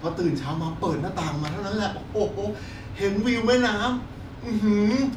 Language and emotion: Thai, happy